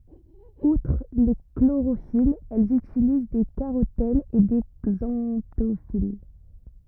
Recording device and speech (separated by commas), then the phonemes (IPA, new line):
rigid in-ear microphone, read sentence
utʁ le kloʁofilz ɛlz ytiliz de kaʁotɛnz e de ɡzɑ̃tofil